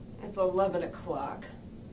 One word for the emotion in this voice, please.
disgusted